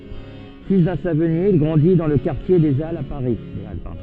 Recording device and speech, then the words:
soft in-ear microphone, read sentence
Fils d'un savonnier, il grandit dans le quartier des Halles à Paris.

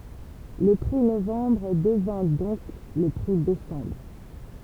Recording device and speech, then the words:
temple vibration pickup, read sentence
Le prix Novembre devint donc le prix Décembre.

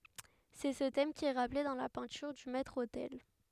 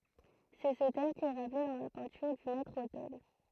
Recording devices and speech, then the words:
headset microphone, throat microphone, read sentence
C'est ce thème qui est rappelé dans la peinture du maître-autel.

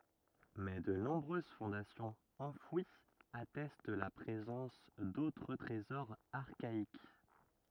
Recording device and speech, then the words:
rigid in-ear microphone, read sentence
Mais de nombreuses fondations enfouies attestent la présence d'autres trésors archaïques.

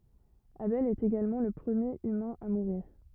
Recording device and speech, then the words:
rigid in-ear microphone, read sentence
Abel est également le premier humain à mourir.

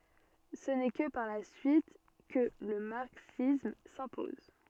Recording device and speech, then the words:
soft in-ear microphone, read sentence
Ce n'est que par la suite que le marxisme s'impose.

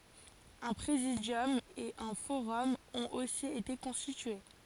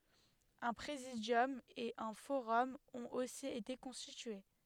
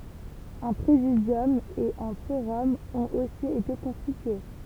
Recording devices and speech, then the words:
forehead accelerometer, headset microphone, temple vibration pickup, read sentence
Un Présidium et un forum ont aussi été constitués.

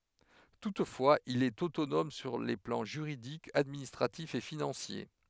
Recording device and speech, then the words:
headset microphone, read sentence
Toutefois, il est autonome sur les plans juridique, administratif et financier.

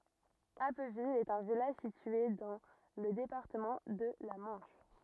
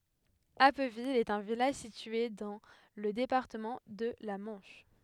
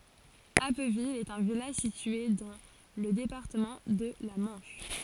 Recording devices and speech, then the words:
rigid in-ear microphone, headset microphone, forehead accelerometer, read sentence
Appeville est un village situé dans le département de la Manche.

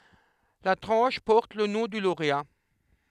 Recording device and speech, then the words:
headset microphone, read sentence
La tranche porte le nom du lauréat.

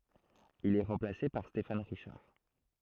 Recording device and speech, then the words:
throat microphone, read sentence
Il est remplacé par Stéphane Richard.

